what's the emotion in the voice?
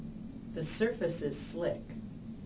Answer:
neutral